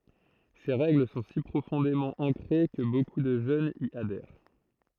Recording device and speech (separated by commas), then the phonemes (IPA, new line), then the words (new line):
throat microphone, read sentence
se ʁɛɡl sɔ̃ si pʁofɔ̃demɑ̃ ɑ̃kʁe kə boku də ʒønz i adɛʁ
Ces règles sont si profondément ancrées que beaucoup de jeunes y adhèrent.